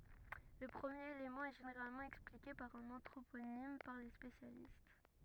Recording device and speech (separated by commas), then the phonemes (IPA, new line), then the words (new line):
rigid in-ear microphone, read sentence
lə pʁəmjeʁ elemɑ̃ ɛ ʒeneʁalmɑ̃ ɛksplike paʁ œ̃n ɑ̃tʁoponim paʁ le spesjalist
Le premier élément est généralement expliqué par un anthroponyme par les spécialistes.